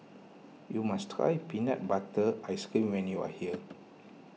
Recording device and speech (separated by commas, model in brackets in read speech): mobile phone (iPhone 6), read sentence